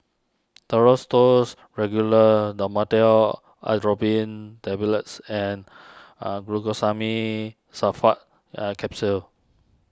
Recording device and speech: standing microphone (AKG C214), read sentence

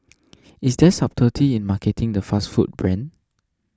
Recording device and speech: standing microphone (AKG C214), read sentence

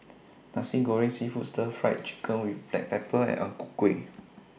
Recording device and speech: boundary microphone (BM630), read sentence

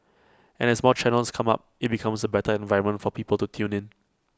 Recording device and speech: close-talking microphone (WH20), read sentence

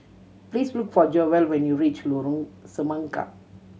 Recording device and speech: mobile phone (Samsung C7100), read sentence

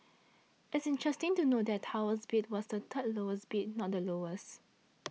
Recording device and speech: mobile phone (iPhone 6), read sentence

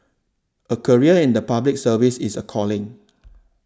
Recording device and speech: standing microphone (AKG C214), read sentence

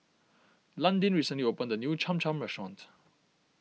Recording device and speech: mobile phone (iPhone 6), read sentence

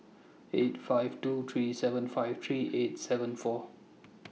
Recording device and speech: mobile phone (iPhone 6), read sentence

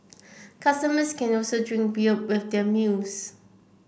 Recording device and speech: boundary microphone (BM630), read sentence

